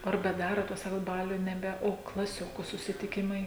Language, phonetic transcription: Lithuanian, ar beˈdarot ˈtuos ˈsakot ˈbaliu neˈbe o klaˈsioku susitiˈkimai

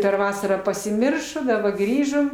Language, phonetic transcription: Lithuanian, per ˈvasarą pasiˈmiršo daˈba ˈgrįžom

